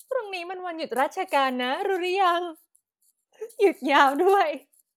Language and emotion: Thai, happy